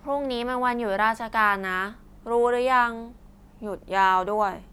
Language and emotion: Thai, frustrated